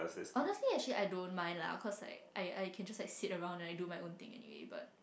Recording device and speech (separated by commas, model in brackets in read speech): boundary microphone, conversation in the same room